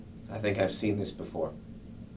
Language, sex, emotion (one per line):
English
male
neutral